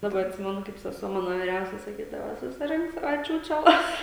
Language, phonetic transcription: Lithuanian, daˈba atˈsimenu kaip seˈsuo ˈmano viˈriausia saˈkydava susiˈrink ˈsava ˈčiūčeˌlas

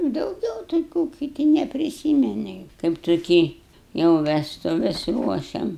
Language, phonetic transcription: Lithuanian, dauˈgiau tai ˈkų kiˈti nepriˈsymeni kaip tuˈkį jau vestuˈves ˈruošiam

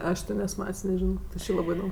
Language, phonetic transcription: Lithuanian, ˈaš ti ˈnes ˈmat's' neˈžino ti ˈči ˈlabɜ iˈdom

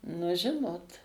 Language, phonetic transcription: Lithuanian, nu ˈžinot

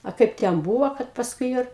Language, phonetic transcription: Lithuanian, a ˈkaip ten ˈbūvo kad pasˈkui jo ir

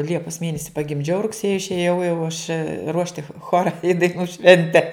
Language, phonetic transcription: Lithuanian, ˈliepas ˈmėnesi pagimˈdžiau rugˈsėji išėˈjau jau aš ˈruošti ˈchora i daiˈnų ˈšvente

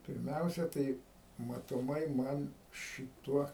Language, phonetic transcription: Lithuanian, pirˈmiausia ˈtai matoˈmai ˈman šiˈtuo

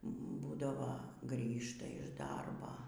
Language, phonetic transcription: Lithuanian, ˈbūdavo ˈgrįžta iš ˈdarba

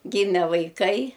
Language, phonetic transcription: Lithuanian, ˈgyme vaiˈkai

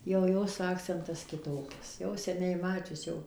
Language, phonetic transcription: Lithuanian, jau ˈjos ˈakcentas kiˈtokias jau seˈniai ˈmačius jau

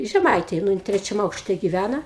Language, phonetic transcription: Lithuanian, žeˈmaitėj nu ˈjin ˈtrečiam ˈaukšte giˈvæna

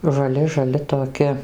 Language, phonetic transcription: Lithuanian, žaˈli žaˈli toˈki

